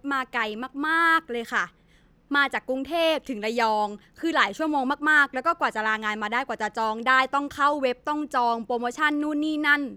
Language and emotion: Thai, frustrated